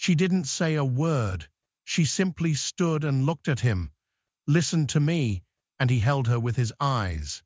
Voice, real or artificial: artificial